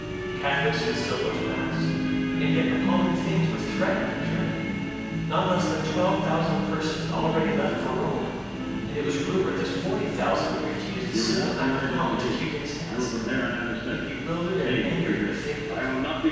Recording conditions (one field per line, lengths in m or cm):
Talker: one person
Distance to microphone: 7.1 m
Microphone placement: far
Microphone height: 1.7 m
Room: very reverberant, large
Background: television